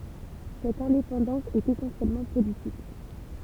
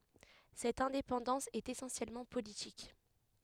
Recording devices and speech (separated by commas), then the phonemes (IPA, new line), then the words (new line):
temple vibration pickup, headset microphone, read sentence
sɛt ɛ̃depɑ̃dɑ̃s ɛt esɑ̃sjɛlmɑ̃ politik
Cette indépendance est essentiellement politique.